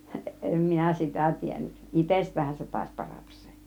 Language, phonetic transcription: Finnish, 'ˀem minä "sitä̀ 'tiennYˀ , "itest̆täähän se tàis 'paratas 'sE .
- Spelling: en minä sitä tiennyt itsestäänhän se taisi parata se

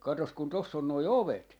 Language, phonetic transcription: Finnish, 'katos kun 'toss ‿on noi "ovet .
- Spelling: katsos kun tuossa on nuo ovet

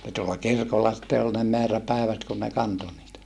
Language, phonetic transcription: Finnish, (ni) tuolla kirkolla sitte ol ne meäräpä̀evät kun ne kanto niitä .
- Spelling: niin tuolla kirkolla sitten oli ne määräpäivät kun ne kantoi niitä

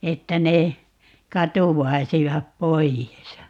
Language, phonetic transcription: Finnish, 'että ne , katuwwaisivap 'poijes .
- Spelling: että ne katoaisivat pois

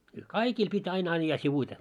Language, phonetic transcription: Finnish, y- , "kaikiil pit́ ‿ai'n ‿aⁱjja 'sivuite .
- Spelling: - kaikilla piti aina ajaa sivuiten

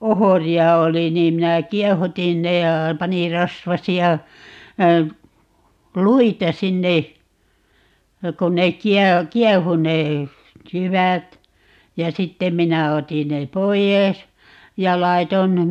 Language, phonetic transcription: Finnish, "ohori₍a 'oli niim 'minä "kiɛhutin "ne ja , 'panir̆ "rasvasi₍a , "luita 'sinne , ja 'kon 'nek̆ "kiɛ- , "kiɛhu ne , "jyvät , ja 'sittem̆ 'minä 'otin ne "poijès , ja 'laiton ,.
- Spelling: ohria oli niin minä kiehutin ne ja panin rasvaisia luita sinne ja kun ne - kiehui ne jyvät ja sitten minä otin ne pois ja laitoin

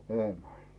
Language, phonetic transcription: Finnish, 'Eemèĺ .
- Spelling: Eemeli

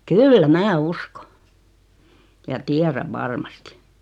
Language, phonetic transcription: Finnish, kyllä 'mä "usko , ja "tiäräᵛ 'varmastɪ .
- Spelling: kyllä minä uskon ja tiedän varmasti

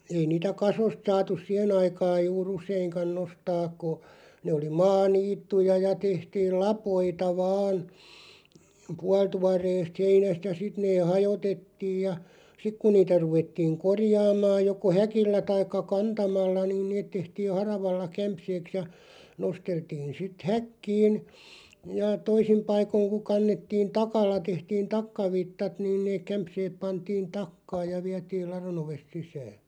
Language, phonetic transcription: Finnish, 'ei niitä "kasost 'saatus "siʰe'n ‿aikaaʲ juu"r ‿useiŋkan 'nostaaᵏ ko , nee oli 'maa'niittuja ja 'tehtiil "lapoita 'vaan , 'pualtuar̀eest "heinäst ja 'sit nee 'hajotettiiʲ ja , ja 'sik kun niitä 'ruvettiiŋ "korjaamaaj 'joko "häkillä 'taikka "kantamalla niin 'neet tehtiin̬ 'haravalla 'kämpseeks ja , 'nosteltiin̬ sit "häkkiin , ja 'toisim 'paikoⁱŋ ku 'kannettiin "takalla 'tehtiin "takkavittat nⁱn neeᵏ 'kämpseeᵖ 'pantiin "takkaaj ja 'viätiil "laro'n ‿ovest 'sisää .
- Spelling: ei niitä kasoista saatu siihen aikaan juuri useinkaan nostaa kun ne oli maaniittyjä ja tehtiin lapoita vain puolituoreesta heinästä ja sitten ne hajoitettiin ja ja sitten kun niitä ruvettiin korjaamaan joko häkillä tai kantamalla niin ne tehtiin haravalla kämseeksi ja nosteltiin sitten häkkiin ja toisin paikoin kun kannettiin takalla tehtiin takkavitsat noin ne kämseet pantiin takkaan ja vietiin ladon ovesta sisään

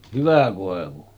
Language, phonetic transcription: Finnish, 'hyvä kòevu .
- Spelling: hyvä koivu

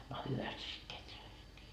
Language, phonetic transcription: Finnish, no 'hyväst se sit 'keträskii .
- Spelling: no hyvästi se sitten kehräsikin

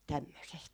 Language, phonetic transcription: Finnish, tämmösest .
- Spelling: tämmöisestä

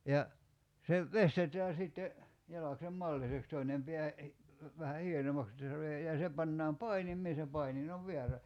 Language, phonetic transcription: Finnish, ja , se , 'vestetää sitte , 'jalaksem "malliseks 'toinem pḙä , vähä 'hienommaks [et]tä se (tulee) , ja 'se pannaam "painimmee se 'painin ‿ov "veärä .
- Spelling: ja se veistetään sitten jalaksen malliseksi toinen pää vähän hienommaksi että se tulee ja se pannaan painimeen se painin on väärä

